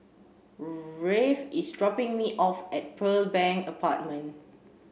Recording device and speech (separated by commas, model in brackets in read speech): boundary microphone (BM630), read sentence